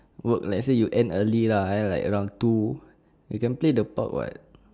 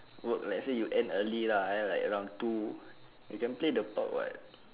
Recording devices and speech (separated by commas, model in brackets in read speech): standing microphone, telephone, conversation in separate rooms